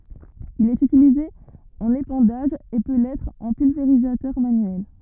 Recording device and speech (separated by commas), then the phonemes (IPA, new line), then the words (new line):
rigid in-ear microphone, read sentence
il ɛt ytilize ɑ̃n epɑ̃daʒ e pø lɛtʁ ɑ̃ pylveʁizatœʁ manyɛl
Il est utilisé en épandage et peut l'être en pulvérisateur manuel.